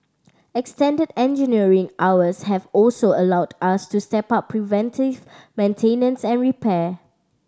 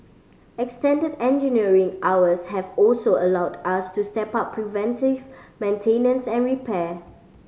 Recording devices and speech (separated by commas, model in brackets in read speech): standing microphone (AKG C214), mobile phone (Samsung C5010), read sentence